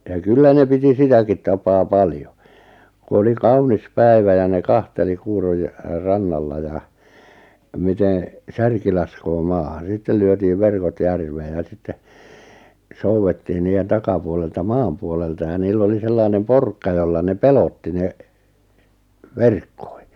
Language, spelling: Finnish, ja kyllä ne piti sitäkin tapaa paljon kun oli kaunis päivä ja ne kanteli - rannalla ja miten särki laskee maahan sitten lyötiin verkot järveen ja sitten soudettiin niiden takapuolelta maan puolelta ja niillä oli sellainen porkka jolla ne pelotti ne verkkoihin
- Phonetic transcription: ja "kyllä ne 'piti "sitäkit 'tapaa "paljo , 'ku oli "kaunis "päi̬vä ja ne 'kanteli 'kuuroj- , 'rannalla ja , 'mite(n̬) , "särki laskoo 'maahan̬ 'sittel lyötiiv 'verkot 'järveeʲ ja 'sitte , 'souwettiin niijen 'takapuolelta "maam puolelta ja 'niill ‿oli 'sellainem "porkka 'jolla ne "pelotti ne , "verkkᴏɪ .

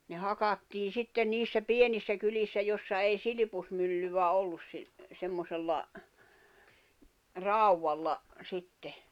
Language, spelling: Finnish, ne hakattiin sitten niissä pienissä kylissä jossa ei silppumyllyä ollut - semmoisella raudalla sitten
- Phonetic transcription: ne 'hakattiin̬ 'sitten niissä "pienissä 'kylissä jossa ei "silⁱpusmyllyvä 'ollus si- , semmosella , "ràuwalla , 'sitte .

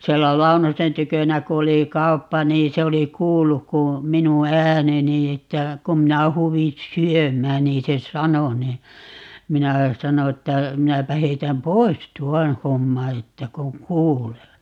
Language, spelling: Finnish, siellä Launosen tykönä kun oli kauppa niin se oli kuullut kun minun ääneni että kun minä huusin syömään niin se sanoi niin minä sanoin että minäpä heitän pois tuon homman että kun kuulee
- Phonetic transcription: 'siellä "Launosen 'tykönä ku 'oli "kauppa nii 'se oli "kuulluk ku , 'minu "ääneni että , 'kum minä 'huuvin̬ "syöm̀ään 'nii se "sano ni , 'minä , 'sano että , » 'minäpä 'heitäm "pois "tuɔn̬ 'homma » että » 'koŋ "kuulee » .

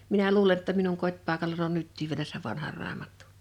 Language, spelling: Finnish, minä luulen jotta minun kotipaikallani on nytkin vielä sen vanhan raamattu
- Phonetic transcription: minä "luule ‿tta minuŋ 'kot́pàekalan ‿on 'nyttiiv vielä sev 'vanhaʳ 'raamattᴜ .

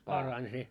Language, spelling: Finnish, parani se
- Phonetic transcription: 'parań se .

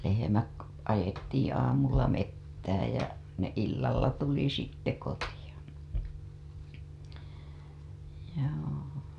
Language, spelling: Finnish, lehmät ajettiin aamulla metsään ja ne illalla tuli sitten kotiin joo
- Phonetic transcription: lehemäk- , ajettiiḭ aamulla 'mettääj jä , ne illalla tuli sitte 'kotija , joo .

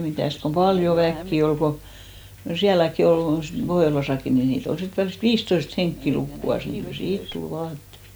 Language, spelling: Finnish, mitäs kun paljon väkeä oli kun niin sielläkin oli sitten Pohjolassakin niin niitä oli sitten välistä viisitoista henkeä lukuansa niin kyllä siitä tuli vaatetta
- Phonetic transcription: 'mitä̀st kom "paljo 'väkki ol ko , ni 'siäläkki 'ol , (sit) 'Pohjolasakki ni 'nii't ‿ol sit 'välist "viistoist 'heŋkki 'lukku₍as , ni kyl "siit tul 'vaatet .

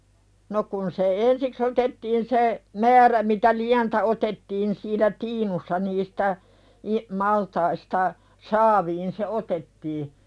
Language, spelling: Finnish, no kun se ensiksi otettiin se määrä mitä lientä otettiin siinä tiinussa niistä - maltaista saaviin se otettiin
- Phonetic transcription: no 'kun se "ensiks ‿otettiin se , 'määrä mitä "liäntä otettiin siinä "tiinussa nistä , i- , maltaista , 'saaviin se "otettii .

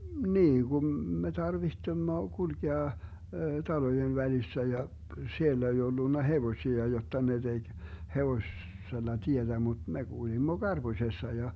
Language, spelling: Finnish, niin kuin me tarvitsemme kulkea talojen välissä ja siellä ei ollut hevosia jotta ne teki - hevosella tietä mutta me kuljimme karpusessa ja
- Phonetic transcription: 'mniiGum me 'tarvihtemmo 'kulkea , 'talojev 'välissä ja , 'siellä ei ollunna "hevośia 'jotta ne 'DeG , 'hevoss - -sella 'tietä mut me 'Gulimmo "GarBuśessa ja .

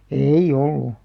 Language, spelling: Finnish, ei ollut
- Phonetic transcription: ei'ʲ ‿ollu .

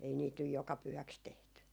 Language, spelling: Finnish, ei niitä nyt joka pyhäksi tehty
- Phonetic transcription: ei niit nyj 'joka 'pyhäks tehty .

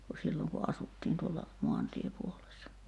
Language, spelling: Finnish, kun silloin kun asuttiin tuolla maantiepuolessa
- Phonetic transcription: ku 'silloŋ ku 'asuttiin tuolla , 'moantiepuolessa .

